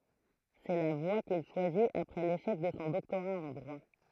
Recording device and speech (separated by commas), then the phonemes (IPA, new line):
throat microphone, read sentence
sɛ la vwa kil ʃwazit apʁɛ leʃɛk də sɔ̃ dɔktoʁa ɑ̃ dʁwa